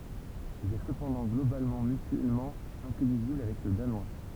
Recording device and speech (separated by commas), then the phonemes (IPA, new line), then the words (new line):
temple vibration pickup, read sentence
il ɛ səpɑ̃dɑ̃ ɡlobalmɑ̃ mytyɛlmɑ̃ ɛ̃tɛliʒibl avɛk lə danwa
Il est cependant globalement mutuellement intelligible avec le danois.